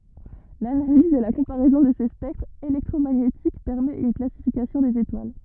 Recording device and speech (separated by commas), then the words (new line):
rigid in-ear microphone, read sentence
L'analyse et la comparaison de ces spectres électromagnétiques permet une classification des étoiles.